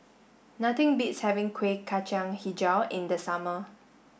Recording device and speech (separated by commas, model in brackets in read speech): boundary microphone (BM630), read sentence